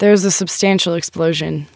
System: none